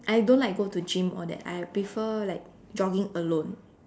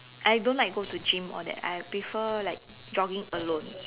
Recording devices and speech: standing microphone, telephone, conversation in separate rooms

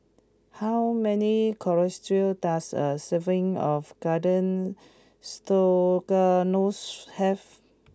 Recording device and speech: close-talking microphone (WH20), read sentence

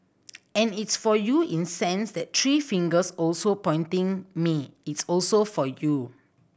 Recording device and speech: boundary microphone (BM630), read sentence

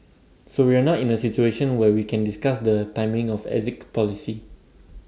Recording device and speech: standing microphone (AKG C214), read sentence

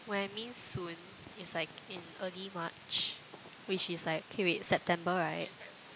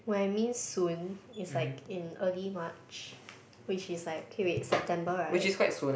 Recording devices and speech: close-talking microphone, boundary microphone, conversation in the same room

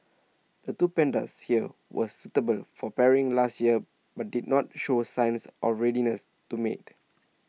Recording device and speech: mobile phone (iPhone 6), read sentence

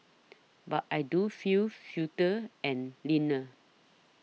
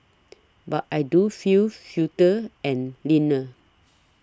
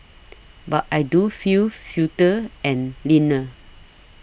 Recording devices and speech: mobile phone (iPhone 6), standing microphone (AKG C214), boundary microphone (BM630), read sentence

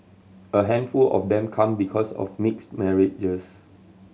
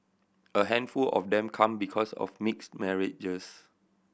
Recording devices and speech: mobile phone (Samsung C7100), boundary microphone (BM630), read sentence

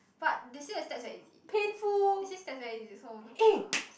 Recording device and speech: boundary microphone, conversation in the same room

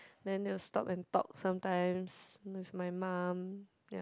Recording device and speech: close-talking microphone, conversation in the same room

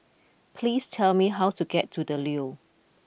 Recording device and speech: boundary microphone (BM630), read sentence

